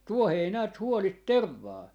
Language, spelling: Finnish, tuohi ei näet huoli tervaa
- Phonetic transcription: 'tuoh ‿ei näät 'huolit "tervvaa .

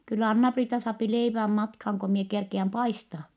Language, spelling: Finnish, kyllä Anna-Priita saa leivän matkaan kun minä kerkiän paistaa
- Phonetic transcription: kyllä Anna-Priita saapi leiväm matkhaaŋ ko mie kerkiäm paistaa . »

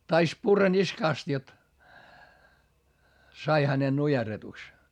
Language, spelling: Finnish, taisi purra niskasta jotta sai hänen nujerretuksi
- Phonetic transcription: tais purra niskàst jot , sai hänen nujerretuks .

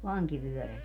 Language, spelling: Finnish, vankivyöräri
- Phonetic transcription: "vaŋkivyöräli .

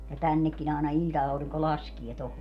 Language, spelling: Finnish, ja tännekin aina ilta-aurinko laskee tuohon
- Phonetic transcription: ja 'tännekkin ‿àena 'iĺta₍auriŋko 'laskie toho .

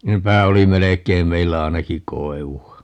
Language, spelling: Finnish, nepä oli melkein meillä ainakin koivua
- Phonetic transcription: 'nepä oli 'melek̀eim 'meillä 'ainaki "koevu₍a .

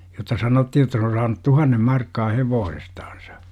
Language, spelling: Finnish, jotta sanottiin jotta se on saanut tuhannen markkaa hevosestansa
- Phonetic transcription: jotta 'sanotti - jotta se on saanu "tuhannem 'markkaa "hevoosestAANsA .

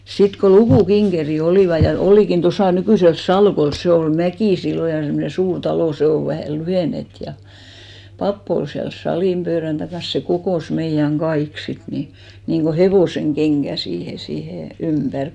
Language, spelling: Finnish, sitten kun lukukinkerit olivat ja olikin tuossa nykyisellä Salkolla se oli Mäki silloin ja semmoinen suuri talo se on vähä lyhennetty ja pappi oli siellä salin pöydän takana se kokosi meidän kaikki sitten niin niin kuin hevosenkenkään siihen siihen ympäri
- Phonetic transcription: 'sit ko "lukù'kiŋɢeri 'olìva , ja 'olìkin 'tosà nykỳsels "Salkols 'se ol "Mäkì 'sillo ja semnen̬ 'suur 'talò , 'se o vähä̀ 'lyhènet ja , 'papp ‿ol siäl 'salìm pöörän takans se 'kokòs meijäŋ "ɢaik 'sit ni , niŋɢo "hevòseŋ'ɢeŋɢä 'siihe , 'siihe 'ympär .

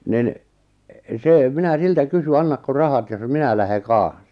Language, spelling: Finnish, niin se minä siltä kysyin annatko rahat jos minä lähden kanssa
- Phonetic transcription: nin , 'sè , 'minä 'siltä 'kysy » 'annakko 'rahat jos "minä lähe "kaaa̰s « .

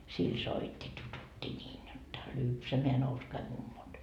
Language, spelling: Finnish, sillä soitti tututti niin jotta lypsämään nouskaa mummot
- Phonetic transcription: sil "soit́t́i 'tutut́t́i ńiin 'jotta, , "lypsämeä 'nouskai mummot .

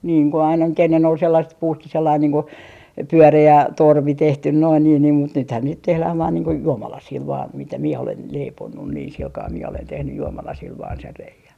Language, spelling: Finnish, niin kun aina nyt ennen oli sellaiset puusta sellainen niin kuin pyöreä torvi tehty noin niin niin mutta nythän niitä tehdään vain niin kuin juomalasilla vain mitä minä olen leiponut niin sillä kalella minä olen tehnyt juomalasilla vain sen reiän
- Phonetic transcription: niiŋ ko aina nyt ennen ‿ol (sellaset) 'puusta 'sellain niiŋ ku , "pyöre₍ä 'torvi 'tehtyn noin niin niim mut 'nythän niit 'tehläh vaan niiŋ ko "juomalasiil vaan 'mitä 'mie olen leiponnun niin 'silkaa mie olen 'tehnyj 'juomalasiil vaan sen 'rei₍äⁿ .

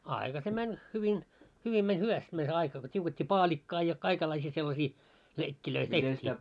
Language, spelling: Finnish, aika se meni hyvin hyvin meni hyvästi meni se aika kun tiukettiin paalikkaa ja kaikenlaisia sellaisia leikkejä tehtiin
- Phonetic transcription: aika se 'mäń , hyvin , 'hyvin meń "hyväst mäń se aika ko t́iuket́t́ii "paaĺikkaa ja , 'kaikellaisii sellasii , 'leikkilöi "teht́ii .

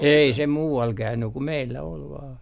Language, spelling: Finnish, ei se muualla käynyt kuin meillä oli vain
- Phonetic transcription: "ei se "muu₍al käynny ku 'meillä ol vaan .

